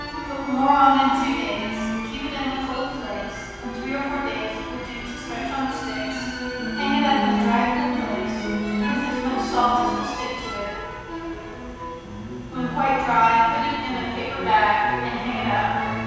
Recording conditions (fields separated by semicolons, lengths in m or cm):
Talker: one person; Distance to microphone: 7.1 m; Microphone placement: far; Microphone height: 1.7 m; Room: very reverberant, large; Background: music